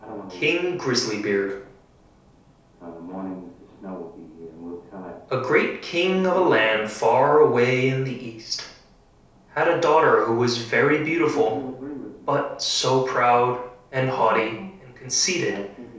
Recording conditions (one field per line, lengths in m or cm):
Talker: one person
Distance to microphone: 3.0 m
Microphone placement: far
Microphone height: 1.8 m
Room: small (3.7 m by 2.7 m)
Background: television